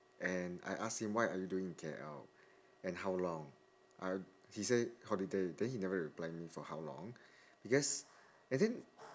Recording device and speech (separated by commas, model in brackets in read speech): standing microphone, conversation in separate rooms